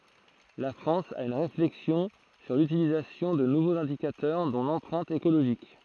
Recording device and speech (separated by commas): throat microphone, read sentence